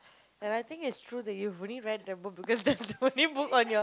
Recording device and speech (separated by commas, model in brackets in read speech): close-talking microphone, conversation in the same room